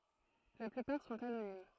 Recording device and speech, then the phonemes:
throat microphone, read sentence
la plypaʁ sɔ̃t anonim

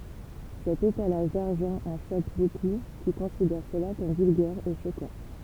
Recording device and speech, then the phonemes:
temple vibration pickup, read sentence
sɛt etalaʒ daʁʒɑ̃ ɑ̃ ʃok boku ki kɔ̃sidɛʁ səla kɔm vylɡɛʁ e ʃokɑ̃

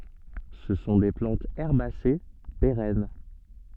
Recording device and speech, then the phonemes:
soft in-ear microphone, read sentence
sə sɔ̃ de plɑ̃tz ɛʁbase peʁɛn

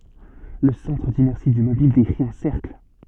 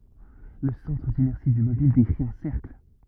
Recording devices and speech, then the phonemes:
soft in-ear microphone, rigid in-ear microphone, read sentence
lə sɑ̃tʁ dinɛʁsi dy mobil dekʁi œ̃ sɛʁkl

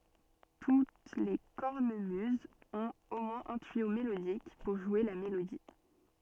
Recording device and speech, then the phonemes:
soft in-ear microphone, read sentence
tut le kɔʁnəmyzz ɔ̃t o mwɛ̃z œ̃ tyijo melodik puʁ ʒwe la melodi

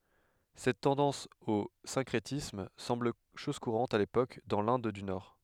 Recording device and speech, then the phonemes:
headset microphone, read sentence
sɛt tɑ̃dɑ̃s o sɛ̃kʁetism sɑ̃bl ʃɔz kuʁɑ̃t a lepok dɑ̃ lɛ̃d dy nɔʁ

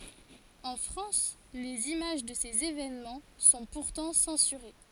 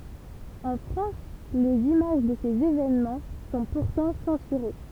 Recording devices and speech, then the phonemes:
forehead accelerometer, temple vibration pickup, read sentence
ɑ̃ fʁɑ̃s lez imaʒ də sez evenmɑ̃ sɔ̃ puʁtɑ̃ sɑ̃syʁe

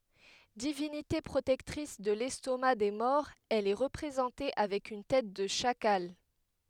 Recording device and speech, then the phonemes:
headset microphone, read sentence
divinite pʁotɛktʁis də lɛstoma de mɔʁz ɛl ɛ ʁəpʁezɑ̃te avɛk yn tɛt də ʃakal

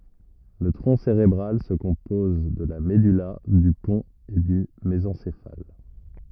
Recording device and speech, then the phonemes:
rigid in-ear microphone, read sentence
lə tʁɔ̃ seʁebʁal sə kɔ̃pɔz də la mədyla dy pɔ̃t e dy mezɑ̃sefal

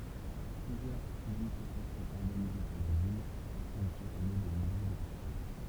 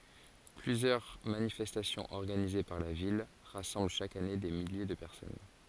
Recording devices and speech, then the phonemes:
temple vibration pickup, forehead accelerometer, read sentence
plyzjœʁ manifɛstasjɔ̃z ɔʁɡanize paʁ la vil ʁasɑ̃bl ʃak ane de milje də pɛʁsɔn

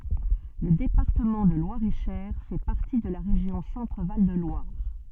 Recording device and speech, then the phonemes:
soft in-ear microphone, read sentence
lə depaʁtəmɑ̃ də lwaʁeʃɛʁ fɛ paʁti də la ʁeʒjɔ̃ sɑ̃tʁval də lwaʁ

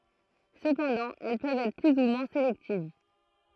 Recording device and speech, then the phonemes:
throat microphone, read sentence
səpɑ̃dɑ̃ ɛl pøvt ɛtʁ ply u mwɛ̃ selɛktiv

